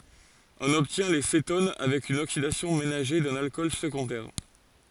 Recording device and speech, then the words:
forehead accelerometer, read sentence
On obtient les cétones avec une oxydation ménagée d'un alcool secondaire.

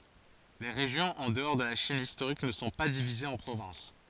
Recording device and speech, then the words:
forehead accelerometer, read sentence
Les régions en dehors de la Chine historique ne sont pas divisées en provinces.

